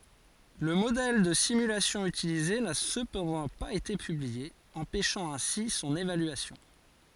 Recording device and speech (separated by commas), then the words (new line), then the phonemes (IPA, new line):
forehead accelerometer, read sentence
Le modèle de simulation utilisé n'a cependant pas été publié, empêchant ainsi son évaluation.
lə modɛl də simylasjɔ̃ ytilize na səpɑ̃dɑ̃ paz ete pyblie ɑ̃pɛʃɑ̃ ɛ̃si sɔ̃n evalyasjɔ̃